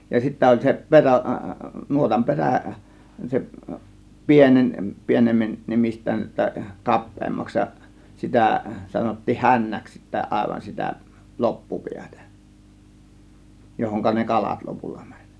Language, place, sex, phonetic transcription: Finnish, Kiihtelysvaara, male, ja sittä oĺ se 'perä , 'nuotam 'perä̀ , 'se , 'pieneń , 'pieneme- , -'nemist̆tään ‿tta͕ "kap̆peemmaks ja , 'sitä̀ , sanottiih "hännäks sittä 'àėvan 'sitä , "loppupiätÄ , 'johoŋka ne "kalat 'lopulla mÄŃ .
- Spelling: ja sitten oli se perä nuotan perä se pieneni - pienenemistään jotta kapeammaksi ja sitä sanottiin hännäksi sitten aivan sitä loppupäätä johon ne kalat lopulla meni

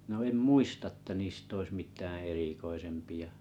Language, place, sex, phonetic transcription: Finnish, Kalajoki, male, no em 'muista əttä 'niist ‿ois 'mit̀ää 'erikoisempiʲa .
- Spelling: no en muista että niistä olisi mitään erikoisempia

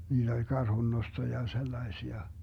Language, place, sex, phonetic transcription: Finnish, Vermlanti, male, 'niiD ‿oĺ 'karhunnosto ja 'sellaesia .
- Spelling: niitä oli karhunnosto ja sellaisia

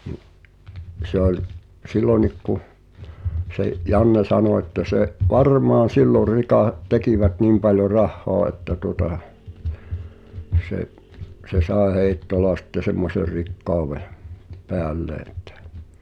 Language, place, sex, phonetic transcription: Finnish, Pihtipudas, male, ni’ , se ‿oĺ , "sillonik kuh , se’ , 'Janne 'sanò että se’ , » "varmaan̬ 'sillor 'rikà- , 'tekivät "niim paljo "rahhoa että tuota , se’ , se 'sae "Hèi̬ttola sⁱtte semmoser̆ "rikkauveʰ , 'peällee [e]ttᴀ̈ « .
- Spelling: niin se oli silloinkin kun se Janne sanoi että se varmaan silloin - tekivät niin paljon rahaa että tuota se se sai Heittola sitten semmoisen rikkauden päälleen että

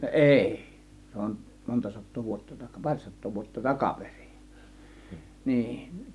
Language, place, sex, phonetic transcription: Finnish, Kiihtelysvaara, male, ˀèI , 'se on 'monta sat̆too vuotta 'taka- , 'par̀ sat̆too vuotta "takaperI , 'nii .
- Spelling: eIi se on monta sataa vuotta - pari sataa vuotta takaperin niin

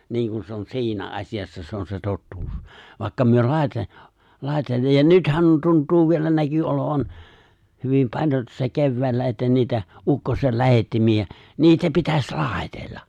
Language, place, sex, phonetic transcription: Finnish, Lapinlahti, male, 'niiŋkun se ‿on 'si̬inä '’as̀ijassa se ‿on se 'tottuus , vài̬kka myö 'lài̬te- , 'lài̬te- ja 'nythän 'tunt̀uu vielä näky 'olovan , hyvim 'paĺjon tuossa 'kevväällä että niitä , '’ukkosel 'lähettimi₍ä , 'niitä 'pitäs "laaⁱtella .
- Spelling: niin kuin se on siinä asiassa se on se totuus vaikka me - - ja nythän tuntuu vielä näkyi olevan hyvin paljon tuossa keväällä että niitä ukkosen lähettimiä niitä pitäisi laitella

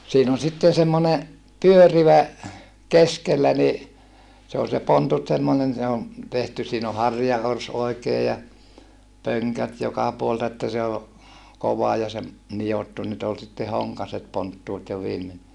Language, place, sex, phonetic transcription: Finnish, Saarijärvi, male, siin ‿on sitten semmone , pyörivä , keskellä ni , se ol se pontut semmonen se o , tehty siin ‿o harja₍ors oi̮kee ja , pöŋkät joka puol(el)ta että se o , kova ja se , nijottu nyt ‿ol sitte hoŋkaset ponttuut jo viimen .
- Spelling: siinä on sitten semmoinen pyörivä keskellä niin se oli se pontut semmoinen se on tehty siinä on harjaorsi oikein ja pönkät joka puolelta että se on kova ja se nidottu nyt oli sitten honkaiset ponttuut jo viimein

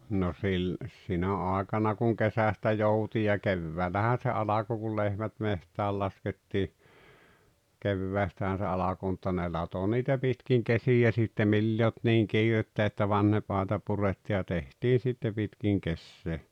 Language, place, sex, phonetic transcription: Finnish, Rautalampi, male, no 'sil- , 'sinä àekana kuŋ 'kesästä 'jouti ja "kevväällähän̬ se 'alako kul "lehmät "meht̀ääl 'laskettii , 'kevväästähän̬ se 'alako mutta ne 'lato 'niitä 'pitkiŋ 'kesijä sitte 'mili ‿e olt 'niiŋ "kiirettä että "vanhep àeta 'puretti ja 'tehtii sitte 'pitkiŋ 'kessee .
- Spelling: no - sinä aikana kun kesästä jouti ja keväällähän se alkoi kun lehmät metsään laskettiin keväästähän se alkoi mutta ne latoi niitä pitkin kesiä sitten millä ei ollut niin kiirettä että vanha aita purettiin ja tehtiin sitten pitkin kesää

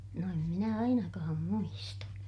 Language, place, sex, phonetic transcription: Finnish, Ilmajoki, female, no em minä ainakaam muista .
- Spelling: no en minä ainakaan muista

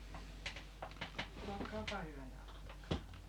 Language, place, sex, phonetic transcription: Finnish, Paavola, female, 'olokaapa "hyvä ja 'ottakaa !
- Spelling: olkaapa hyvä ja ottakaa

